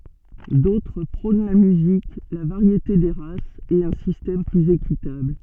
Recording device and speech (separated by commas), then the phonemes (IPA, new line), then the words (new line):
soft in-ear microphone, read sentence
dotʁ pʁɔ̃n la myzik la vaʁjete de ʁasz e œ̃ sistɛm plyz ekitabl
D'autres prônent la musique, la variété des races, et un système plus équitable.